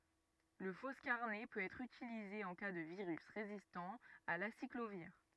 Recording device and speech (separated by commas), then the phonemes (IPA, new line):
rigid in-ear microphone, read sentence
lə fɔskaʁnɛ pøt ɛtʁ ytilize ɑ̃ ka də viʁys ʁezistɑ̃ a lasikloviʁ